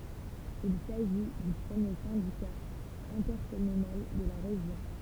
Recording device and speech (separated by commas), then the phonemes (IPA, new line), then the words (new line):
temple vibration pickup, read sentence
il saʒi dy pʁəmje sɛ̃dika ɛ̃tɛʁkɔmynal də la ʁeʒjɔ̃
Il s'agit du premier syndicat intercommunal de la région.